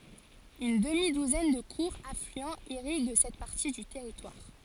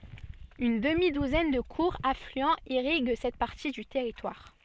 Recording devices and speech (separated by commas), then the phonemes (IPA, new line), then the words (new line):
forehead accelerometer, soft in-ear microphone, read sentence
yn dəmi duzɛn də kuʁz aflyɑ̃z iʁiɡ sɛt paʁti dy tɛʁitwaʁ
Une demi-douzaine de courts affluents irriguent cette partie du territoire.